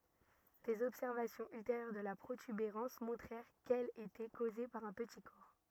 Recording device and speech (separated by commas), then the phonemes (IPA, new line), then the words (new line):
rigid in-ear microphone, read sentence
dez ɔbsɛʁvasjɔ̃z ylteʁjœʁ də la pʁotybeʁɑ̃s mɔ̃tʁɛʁ kɛl etɛ koze paʁ œ̃ pəti kɔʁ
Des observations ultérieures de la protubérance montrèrent qu'elle était causée par un petit corps.